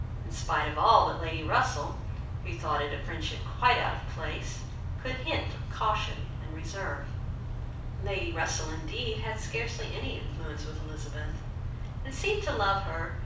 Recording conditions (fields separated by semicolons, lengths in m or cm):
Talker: one person; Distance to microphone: 5.8 m; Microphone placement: far; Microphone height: 1.8 m; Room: medium-sized (5.7 m by 4.0 m); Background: none